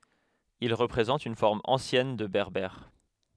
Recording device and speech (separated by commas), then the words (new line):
headset microphone, read sentence
Il représente une forme ancienne de berbère.